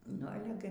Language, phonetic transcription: Lithuanian, nu ˈale gi

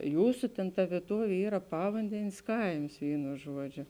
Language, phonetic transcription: Lithuanian, ˈjūsu tėn ta vieˈtuovė ˈyra ˈpavandenės ˈkaims ˈvynu ˈžuoˌdžio

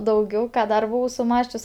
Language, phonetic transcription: Lithuanian, dauˈgiau ˈką ˈdar buˈvau suˈmąsčius

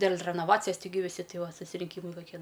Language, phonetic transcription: Lithuanian, dėl' renoˈvacijas tiˈgi viˈsi ˈti ˈva susirinˈkymai kaˈkie

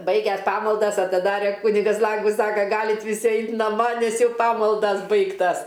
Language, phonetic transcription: Lithuanian, ˈbaiges ˈpamaldas atiˈdare ˈkunigas ˈlangus ˈsaka ˈgalit viˈsi ˈait naˈma nes ˈjau ˈpamaldas ˈbaigtas

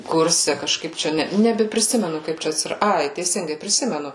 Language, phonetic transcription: Lithuanian, ˈkurse kažˈkaip ˈčia ˈne nebepriˈsimenu ˈkaip čia atsiˈra ˈai teiˈsingai priˈsimenu

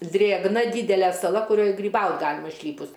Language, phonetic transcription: Lithuanian, ˈdrėgna ˈdydele saˈla kuˈrioj gryˈbaut ˈgalima išˈlypus

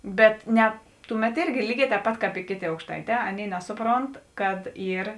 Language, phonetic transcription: Lithuanian, ˈbet ˈne ˈtuˌmet ˈirgi ˈlyˌgē tēp ˈpat ˈkāp i ˈkėˌtė aukšˈtaiˌtē ˈaˌnėi ˈnesuˌpront kad ˈyr

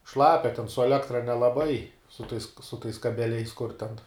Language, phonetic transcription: Lithuanian, ˈšlapia ten su eˈlektra nelaˈbai su tais su tais kabeˈliais kur ten

